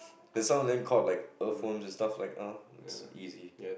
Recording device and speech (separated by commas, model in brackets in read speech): boundary microphone, conversation in the same room